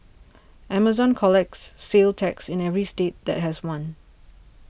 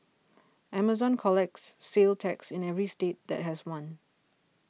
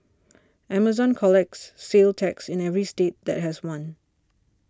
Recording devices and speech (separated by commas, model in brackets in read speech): boundary microphone (BM630), mobile phone (iPhone 6), standing microphone (AKG C214), read sentence